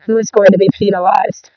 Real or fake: fake